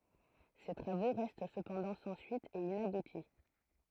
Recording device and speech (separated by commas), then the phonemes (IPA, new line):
throat microphone, read sentence
se tʁavo ʁɛst səpɑ̃dɑ̃ sɑ̃ syit e inabuti